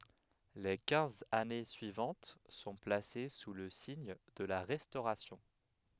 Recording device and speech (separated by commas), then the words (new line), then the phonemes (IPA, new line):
headset microphone, read sentence
Les quinze années suivantes sont placées sous le signe de la Restauration.
le kɛ̃z ane syivɑ̃t sɔ̃ plase su lə siɲ də la ʁɛstoʁasjɔ̃